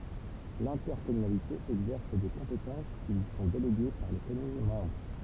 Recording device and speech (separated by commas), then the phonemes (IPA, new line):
temple vibration pickup, read sentence
lɛ̃tɛʁkɔmynalite ɛɡzɛʁs de kɔ̃petɑ̃s ki lyi sɔ̃ deleɡe paʁ le kɔmyn mɑ̃bʁ